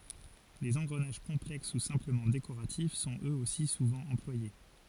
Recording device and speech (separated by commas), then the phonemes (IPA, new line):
forehead accelerometer, read sentence
lez ɑ̃ɡʁənaʒ kɔ̃plɛks u sɛ̃pləmɑ̃ dekoʁatif sɔ̃t øz osi suvɑ̃ ɑ̃plwaje